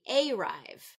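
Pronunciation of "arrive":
'Arrive' is said here with the stress on the first syllable instead of the second, so the vowel in that first syllable gets its full pronunciation.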